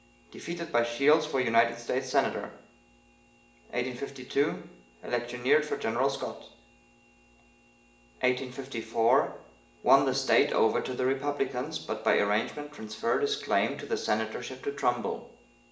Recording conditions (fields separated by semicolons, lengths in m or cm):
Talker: one person; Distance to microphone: 1.8 m; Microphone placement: close; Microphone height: 1.0 m; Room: large; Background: none